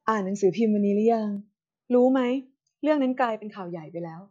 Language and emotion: Thai, neutral